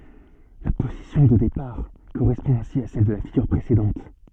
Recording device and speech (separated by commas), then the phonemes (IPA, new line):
soft in-ear microphone, read sentence
la pozisjɔ̃ də depaʁ koʁɛspɔ̃ ɛ̃si a sɛl də la fiɡyʁ pʁesedɑ̃t